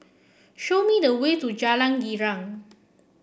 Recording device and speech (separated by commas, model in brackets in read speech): boundary microphone (BM630), read sentence